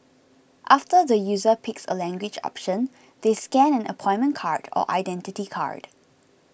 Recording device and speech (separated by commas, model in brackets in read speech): boundary microphone (BM630), read sentence